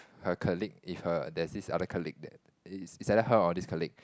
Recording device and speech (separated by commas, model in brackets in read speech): close-talking microphone, conversation in the same room